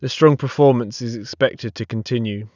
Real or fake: real